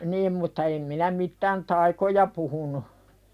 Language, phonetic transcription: Finnish, 'nim mutta em minä mittän "taikoja puhunu .
- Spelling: niin mutta en minä mitään taikoja puhunut

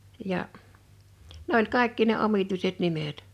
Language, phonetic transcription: Finnish, ja , ne ‿oĺ 'kàḙkki ne 'omituiset 'nimet .
- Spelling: ja ne oli kaikki ne omituiset nimet

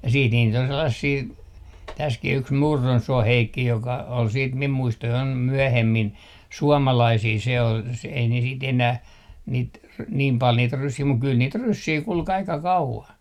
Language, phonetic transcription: Finnish, ja 'siit niit ‿on 'sellasii , täskih ‿yks "Murronsuoh 'Heikki joka , ol siit mim 'muistojaim 'myöhemmin , "suɔmalaisii se ol se , ei ne siit 'enäh , niit r- , niim 'pal niit 'ryssii muk kyl 'niit "ryssii 'kul'k ‿aika "kauvan .
- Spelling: ja sitten niitä on sellaisia tässäkin yksi Murronsuon Heikki joka oli sitten minun muistojani myöhemmin suomalaisia se oli se ei ne sitten enää niitä - niin paljon niitä ryssiä mutta kyllä niitä ryssiä kulki aika kauan

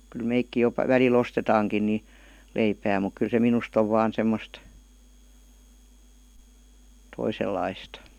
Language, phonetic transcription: Finnish, kyl 'meikki jo , 'väli"l ‿ostetaaŋkin ni , 'leipää muk kyl se "minust ‿ov vaan 'semmost , 'toisellaistA .
- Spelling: kyllä mekin jo välillä ostetaankin niin leipää mutta kyllä se minusta on vain semmoista toisenlaista

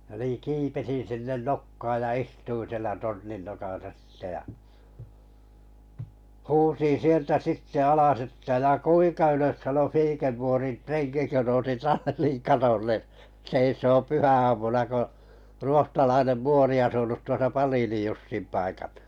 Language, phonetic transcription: Finnish, ʲᵃ nii 'kipesin̬ sinnen "nokkaaj ja "istuin̬ sielä 'tornin nokasa sⁱtte ja , "huusin̬ 'sieltä 'sitte 'alas että » 'ja "kuiŋka ylös sano 'Fiikerporin 'treŋki « kö nousi "talliŋ 'katolle , seisooᵐ 'pyhä₍aamuna ko , 'ruohtalainem "muori asunut tuosa ’Paliinij Jussim paikal- .
- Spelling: ja niin kiipesin sinne nokkaan ja istuin siellä tornin nokassa sitten ja huusin sieltä sitten alas että ja kuinka ylös sanoi Fiikerpoorin renki kun nousi tallin katolle seisomaan pyhäaamuna kun ruotsalainen muori asunut tuossa Palinin Jussin paikalla

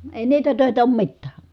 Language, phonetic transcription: Finnish, èi niitä tö̀etä oom mittää .
- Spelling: ei niitä töitä ole mitään

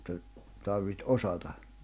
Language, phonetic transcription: Finnish, [et]tä , tarviht "osata .
- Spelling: että tarvitsi osata

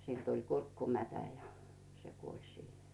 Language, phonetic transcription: Finnish, 'siĺ tul "kurkkumätä ja , se kuoĺ 'siihᴇ .
- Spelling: sille tuli kurkkumätä ja se kuoli siihen

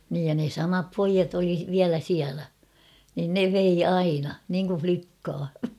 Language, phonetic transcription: Finnish, niij ja ne 'samap "poijat ‿oli 'viälä siälä , nin "ne vei 'aina , niŋku 'flikkaa .
- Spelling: niin ja ne samat pojat oli vielä siellä niin ne vei aina niin kuin likkaa

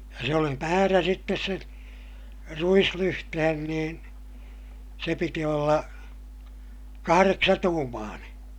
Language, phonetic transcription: Finnish, ja se oli määrä sittes sen , ruislyhtehen niin , se piti olla , kahareksatuumaaneè .
- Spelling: ja se oli määrä sitten sen ruislyhteen niin se piti olla kahdeksantuumainen

